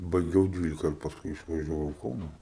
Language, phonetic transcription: Lithuanian, baiˈgiau ˈdvylika ir pasˈkui išvažiaˈvau i ˈkauna

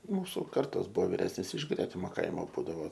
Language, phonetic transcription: Lithuanian, ˈmūsu ˈkartos ˈbuvo viˈresnės iš ˈgretimo ˈkaimo ˈbūdavo

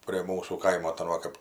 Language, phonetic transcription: Lithuanian, prie ˈmūsų ˈkaimo ta ˈva kap

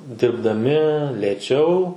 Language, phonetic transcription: Lithuanian, dirbdaˈmi lėˈčiau

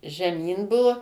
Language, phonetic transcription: Lithuanian, žeˈmyn ˈbuvo

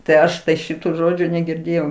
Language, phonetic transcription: Lithuanian, tai ˈaš ˈšitų ˈžodžių negirˈdėjau

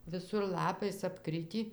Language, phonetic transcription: Lithuanian, viˈsur ˈlapais apˈkritį

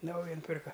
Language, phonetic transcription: Lithuanian, ˈnauja nuˈpirka

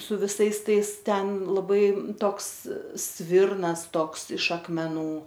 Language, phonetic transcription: Lithuanian, su viˈsais ˈtais ˈten laˈbai ˈtoks ˈsvirnas ˈtoks iš akmeˈnų

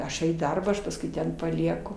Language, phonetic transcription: Lithuanian, ˈaš jau į ˈdarbą ˈaš pasˈkui ˈten paˈlieku

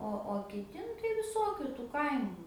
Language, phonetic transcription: Lithuanian, ˈo o kiˈti nu tai viˈsokiu tų ˈkaimu

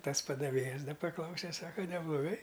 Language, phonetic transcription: Lithuanian, ˈtas padaˈvėjas ˈda paˈklause ˈsaka nebloˈgai

